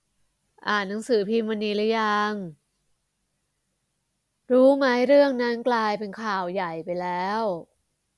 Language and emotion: Thai, neutral